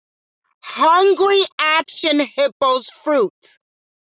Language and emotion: English, angry